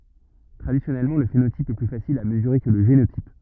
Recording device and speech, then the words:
rigid in-ear microphone, read sentence
Traditionnellement, le phénotype est plus facile à mesurer que le génotype.

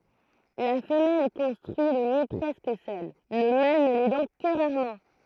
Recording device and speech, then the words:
throat microphone, read sentence
La femelle construit le nid presque seule, le mâle ne l'aidant que rarement.

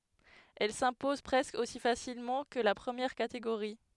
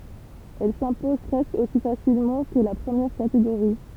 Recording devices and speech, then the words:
headset microphone, temple vibration pickup, read sentence
Elle s'impose presque aussi facilement que la première catégorie.

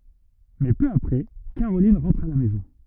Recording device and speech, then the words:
rigid in-ear microphone, read sentence
Mais peu après, Caroline rentre à la maison.

